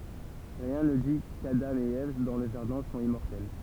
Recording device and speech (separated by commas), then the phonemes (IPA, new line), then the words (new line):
temple vibration pickup, read sentence
ʁiɛ̃ nə di kadɑ̃ e ɛv dɑ̃ lə ʒaʁdɛ̃ sɔ̃t immɔʁtɛl
Rien ne dit qu’Adam et Ève dans le jardin sont immortels.